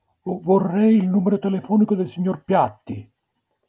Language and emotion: Italian, fearful